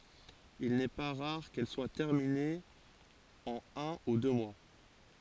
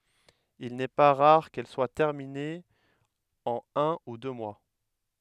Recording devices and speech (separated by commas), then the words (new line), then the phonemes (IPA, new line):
forehead accelerometer, headset microphone, read sentence
Il n'est pas rare qu'elles soient terminées en un ou deux mois.
il nɛ pa ʁaʁ kɛl swa tɛʁminez ɑ̃n œ̃ u dø mwa